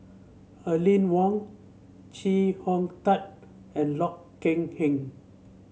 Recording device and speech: mobile phone (Samsung C7), read sentence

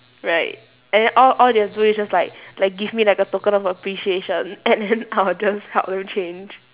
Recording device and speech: telephone, conversation in separate rooms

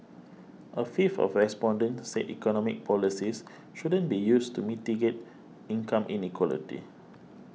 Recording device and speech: mobile phone (iPhone 6), read sentence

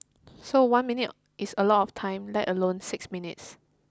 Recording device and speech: close-talking microphone (WH20), read sentence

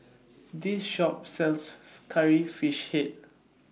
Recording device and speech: mobile phone (iPhone 6), read sentence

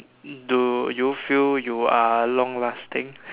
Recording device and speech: telephone, conversation in separate rooms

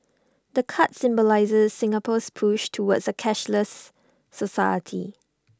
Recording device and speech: standing microphone (AKG C214), read sentence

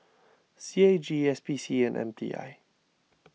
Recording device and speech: mobile phone (iPhone 6), read sentence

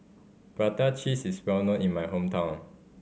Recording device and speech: mobile phone (Samsung C5010), read sentence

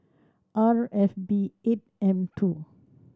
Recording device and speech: standing microphone (AKG C214), read sentence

